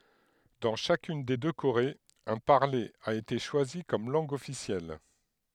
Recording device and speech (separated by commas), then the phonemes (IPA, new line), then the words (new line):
headset microphone, read sentence
dɑ̃ ʃakyn de dø koʁez œ̃ paʁle a ete ʃwazi kɔm lɑ̃ɡ ɔfisjɛl
Dans chacune des deux Corées, un parler a été choisi comme langue officielle.